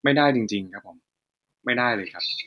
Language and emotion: Thai, frustrated